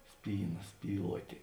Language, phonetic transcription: Lithuanian, ˈspyˌna ˈspyluotė

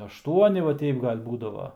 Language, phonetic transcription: Lithuanian, ašˈtuoni va ˈteip ˈgal' ˈbūdava

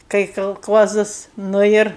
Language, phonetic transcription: Lithuanian, kai kalˈkuozas ˈnu ir

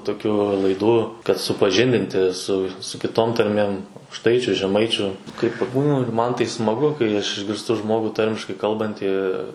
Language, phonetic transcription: Lithuanian, tokˈių laiˈdų kad supaˈžindinti su su ˈkitom tarˈmėm aukˈštaičiu žeˈmaičiu kai paˈbūnu ir ˈman ˈtai smaˈgu kai aš išgirˈstu ˈžmogu ˈtarmiškai ˈkalbantį

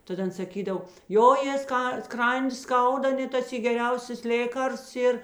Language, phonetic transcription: Lithuanian, ˈtad ˈan saˈkydav ˈjo jė ˈska ˈskrandi ˈskauda ˈnet tas i geˈriausias ˈlėkarsts ˈyr

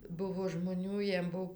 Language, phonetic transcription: Lithuanian, ˈbuvo žmoˈnių ˈjiem ˈbuv

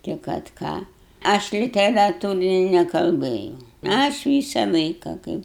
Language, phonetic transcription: Lithuanian, ti kad ˈką ˈaš literaˈtūrini nekalˈbɘjau aš ˈvysa ˈlaika ˈkaip

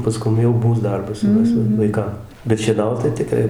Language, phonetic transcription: Lithuanian, paˈskum jau ˈmūs ˈdarbas jau ˈmes vaiˈkam bet šieˈnaut tai tiˈkrai

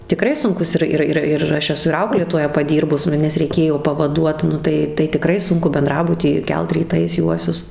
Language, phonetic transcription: Lithuanian, tiˈkrai sunˈkus ˈir ˈir ir ˈaš eˈsu ir ˈauklėtoja paˈdyrbus ˈnu nes reiˈkėjo pavaˈduot ˈnu tai tai tiˈkrai ˈsunku benˈdrabuty ˈkelt ryˈtais ˈjuosius

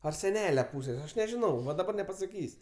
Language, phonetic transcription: Lithuanian, ar seˈnele ˈpūsės' aš nežiˈnau va daˈbar nepasaˈkys'

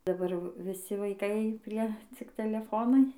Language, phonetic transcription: Lithuanian, daˈbar viˈsi vaiˈkai ˈprie cik teleˈfonai

